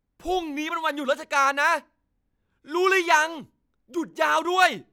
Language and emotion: Thai, angry